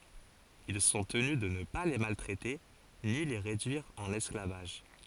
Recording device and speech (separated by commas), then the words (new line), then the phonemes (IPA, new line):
forehead accelerometer, read sentence
Ils sont tenus de ne pas les maltraiter ni les réduire en esclavage.
il sɔ̃ təny də nə pa le maltʁɛte ni le ʁedyiʁ ɑ̃n ɛsklavaʒ